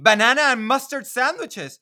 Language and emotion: English, surprised